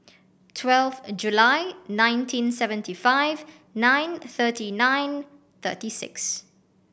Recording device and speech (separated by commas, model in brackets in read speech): boundary microphone (BM630), read sentence